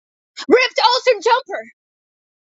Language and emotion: English, surprised